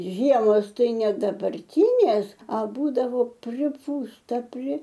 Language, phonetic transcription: Lithuanian, ˈžiemos ˈtai ˈne dabarˈtynės a ˈbūdavo priˈpūsta pri

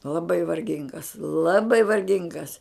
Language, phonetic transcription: Lithuanian, laˈbai varˈgingas laˈbai varˈgingas

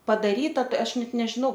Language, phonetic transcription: Lithuanian, padaˈryta ˈtai ˈaš ˈnet nežiˈnau

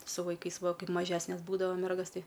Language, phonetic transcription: Lithuanian, su vaiˈkais ˈva ˈkaip maˈžesnes ˈbūdava ˈmergas ˈtai

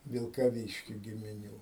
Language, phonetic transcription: Lithuanian, vilkaˈvyški gimiˈnių

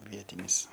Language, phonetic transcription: Lithuanian, ˈvietinis

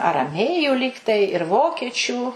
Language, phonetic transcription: Lithuanian, araˈmėjų ˈlygtai ir ˈvokiečių

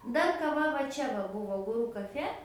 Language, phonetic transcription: Lithuanian, ˈdar kaˈva va ˈčia va ˈbūvo guˈru kaˈfe

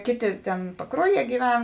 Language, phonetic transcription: Lithuanian, ˈkėˌtė ˈtėn paˈkruoˌjie gyˈven

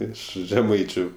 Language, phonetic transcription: Lithuanian, ˈiš žeˈmaičiu

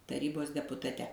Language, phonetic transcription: Lithuanian, taˈrybos deputaˈte

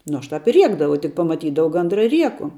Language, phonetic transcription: Lithuanian, ˈnu ˈaš ˈtāp i ˈriekdavau tik pamaˈtydavau ˈgandra i ˈrieku

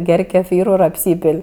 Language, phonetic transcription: Lithuanian, ˈger' keˈfyru ir apˈsypėl'

